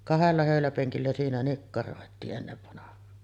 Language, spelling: Finnish, kahdella höyläpenkillä siinä nikkaroitiin ennen vanhaan
- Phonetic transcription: "kahella 'hö̀yläpeŋkillä siinä 'nikkaròetii’ ’ennevvanah̀aan .

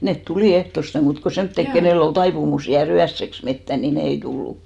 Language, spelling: Finnish, ne tuli ehtoosti muut kuin semmoiset kenellä oli taipumus jäädä yöksi metsään niin ne ei tullut
- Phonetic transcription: 'net "tulì 'ehtoste 'muut ko "semttek 'kenèll ‿ol 'taipumus jää"r ‿yässeks 'mettä ni "ne ei 'tullu .

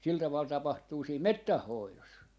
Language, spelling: Finnish, sillä tavalla tapahtuu siinä metsän hoidossa
- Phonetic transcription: 'sil taval 'tapahtuu 'siim "mettäh 'hoilos .

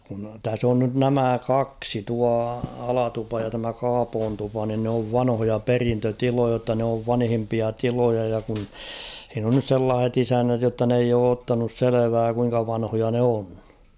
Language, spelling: Finnish, kun tässä on nyt nämä kaksi tuo Alatupa ja tämä Kaapontupa niin ne on vanhoja perintötiloja jotta ne on vanhimpia tiloja ja kun siinä on nyt sellaiset isännät jotta ne ei ole ottanut selvää kuinka vanhoja ne on
- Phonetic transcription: kun 'täs ‿on nyt "nämä̀ "kaksi tua 'Alatupa ja tämä 'Kaapoontupa nin n ‿ov 'vanhoja "perintö'tilojɐ ‿tta n ‿oov 'vanhimpia "tiloja ja kun , h̬iin ‿on nys ''sellaah̬et ‿'isännät jotta n ‿eij ‿oo 'ottanus "selevää kuiŋka 'vanhoja ne 'on .

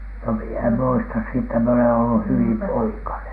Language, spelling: Finnish, no minä en muista sitä minä olen ollut hyvin poikanen
- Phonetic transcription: no mie em muista siittä , mie olen ollu hyvim "poikanen .

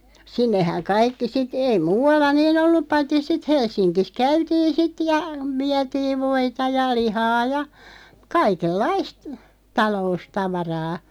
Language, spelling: Finnish, sinnehän kaikki sitten ei muualla niin ollut paitsi sitten Helsingissä käytiin sitten ja vietiin voita ja lihaa ja kaikenlaista taloustavaraa
- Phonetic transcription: 'sinnehäŋ 'kaikki sit , ei 'muu₍alla "niin ‿ollup 'paitti sit 'Hels̆siŋkis 'käytiin̬ "sit ja , "viätiiv 'voita ja 'lihaa ja , 'kaikel"laist , 'talo₍ustavaraa .

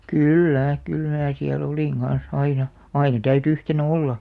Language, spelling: Finnish, kyllä kyllä minä siellä olin kanssa aina aina täytyi yhtenään olla
- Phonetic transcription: kỳl'lä , 'kyl mää siä'l ‿olìŋ ɢan̬s , 'aina , "aina täyty 'yhtenᵃ̈ "olla .

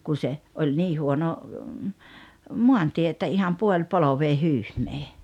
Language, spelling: Finnish, kun se oli niin huono maantie että ihan puolipolveen hyhmää
- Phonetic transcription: 'kun̬ se , oĺ "nii 'huono , "muantie että 'iham 'puoĺ"polovee 'hyhmee .

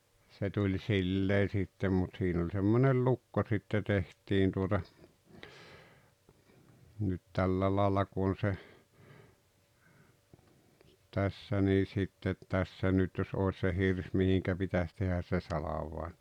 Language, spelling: Finnish, se tuli sillä lailla sitten mutta siinä oli semmoinen lukko sitten tehtiin tuota nyt tällä lailla kun on se tässä niin sitten tässä nyt jos olisi se hirsi mihin pitäisi tehdä se salvain
- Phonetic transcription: se tuĺ 'sillee sittem mut 'siin ‿oĺ semmonel "lukko sitte 'teht̀iin tuota , nyt 'tällä laalla ku on̬ se , 'tässä nii sittet 'tässä nyt jos 'òes se 'hirs mihiŋkä 'pitäs tehäs se "salavai̬n̬ .

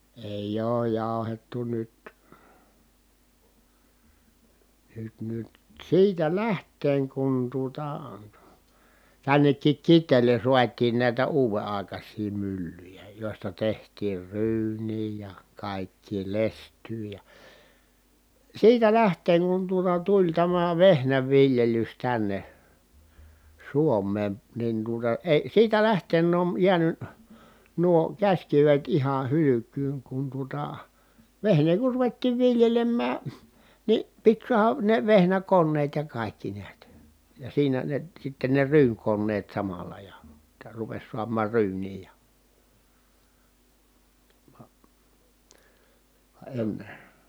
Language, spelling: Finnish, ei ole jauhettu nyt nyt nyt siitä lähtien kun tuota tännekin Kiteelle saatiin näitä uuden aikaisia myllyjä joista tehtiin ryyniä ja kaikkea lestyä ja siitä lähtien kun tuota tuli tämä vehnänviljelys tänne Suomeen niin tuota ei siitä lähtien on jäänyt nuo käsikivet ihan hylkyyn kun tuota vehnää kun ruvettiin viljelemään niin piti saada ne vehnäkoneet ja kaikki näet ja siinä ne sitten ne ryynikoneet samalla ja jotta rupesi saamaan ryyniä ja vaan vaan ennen
- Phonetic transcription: èij ‿ooj jàu̬hettu nyt , nyt nyt , siitä läht̆teeŋ kun tuota , tännekkik Kit̆teelen̬ suat̀iin nä̀i̮tä uuve ài̮kas̀ii myllyjä jòi̮sta teht̀iir ryyǹii ja , kàikkii lest̀yy ja , siitä lähteeŋ kun tuota tuĺ tämä vehnävviljelys tänne , Suom̀een , nin tuota eⁱ , siitä lähteen ‿on jiäny , nuo käśkivet ihan̬ hylyk̆kyyŋ kun tuota , vehnee kur ruvettiiv viljelemmää , ni pit suaha , ne vehnäkonneet ja kàikki niät , ja siinä ne sitte ne ryyŋkonneet samala ja , [jot]ta rupes suam̆maar ryyǹii ja ,. vA , va enne ,.

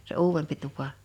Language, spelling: Finnish, se uudempi tupa
- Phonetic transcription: se "uuwempi 'tupa .

